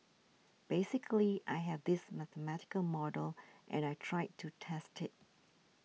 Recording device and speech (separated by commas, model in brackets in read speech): mobile phone (iPhone 6), read sentence